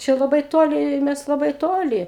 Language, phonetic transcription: Lithuanian, ˈčia laˈbai ˈtoli ˈmes laˈbai ˈtoli

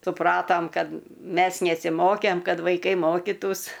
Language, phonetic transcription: Lithuanian, suˈpratom ˈkad ˈmes nesiˈmokėm ˈkad vaiˈkai ˈmokytųs

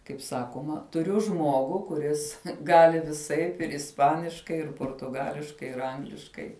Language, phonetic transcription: Lithuanian, kaip ˈsakoma tuˈriu ˈžmuogu kuˈris ˈgali viˈsaip ir isˈpaniškai ir portuˈgališkai ir ˈangliškai

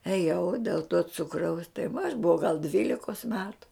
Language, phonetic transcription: Lithuanian, ėˈjau dėl to ˈcukraus tai va aš buˈvau gal ˈdvylikos ˈmetu

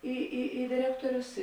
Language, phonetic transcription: Lithuanian, į į į diˈrektorius

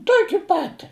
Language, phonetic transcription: Lithuanian, ˈtuoki ˈpati

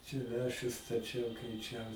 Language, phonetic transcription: Lithuanian, čia ˈlęšius staˈčiau keiˈčiau

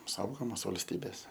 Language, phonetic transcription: Lithuanian, ˈsaugomos valsˈtybės

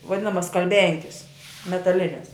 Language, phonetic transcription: Lithuanian, vaˈdinamas skalˈbenkis metaˈlines

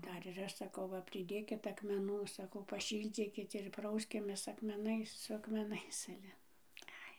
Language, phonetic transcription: Lithuanian, ˈdar ir ˈaš saˈkau ˈva priˈdėkit akmeˈnų saˈkau paˈšyldzykit ir ˈprauskimės akmeˈnais su akmeˈnais ˈale ˈai

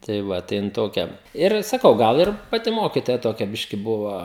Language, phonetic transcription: Lithuanian, tai ˈva tai ˈjin ˈtokia ir saˈkau ˈgal ir paˈti ˈmokitoja toˈkia ˈbiški ˈbuvo

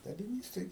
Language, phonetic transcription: Lithuanian, daliˈnys tai

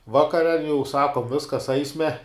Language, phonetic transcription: Lithuanian, ˈvakare jau ˈsakom ˈviskas ˈaisme

